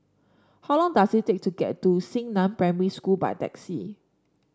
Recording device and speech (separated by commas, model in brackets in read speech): standing microphone (AKG C214), read sentence